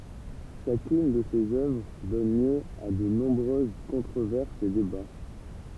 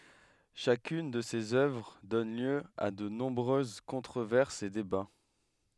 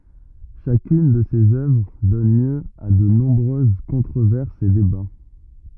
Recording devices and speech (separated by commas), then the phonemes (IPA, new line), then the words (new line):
temple vibration pickup, headset microphone, rigid in-ear microphone, read sentence
ʃakyn də sez œvʁ dɔn ljø a də nɔ̃bʁøz kɔ̃tʁovɛʁsz e deba
Chacune de ses œuvres donne lieu à de nombreuses controverses et débats.